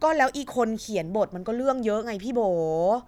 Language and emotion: Thai, frustrated